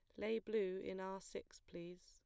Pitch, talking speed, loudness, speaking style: 190 Hz, 195 wpm, -45 LUFS, plain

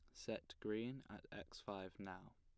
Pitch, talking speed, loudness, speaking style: 105 Hz, 165 wpm, -50 LUFS, plain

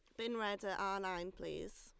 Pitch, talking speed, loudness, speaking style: 195 Hz, 225 wpm, -42 LUFS, Lombard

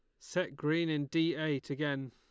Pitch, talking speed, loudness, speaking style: 150 Hz, 190 wpm, -34 LUFS, Lombard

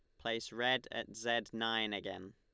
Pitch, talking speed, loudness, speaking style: 115 Hz, 170 wpm, -37 LUFS, Lombard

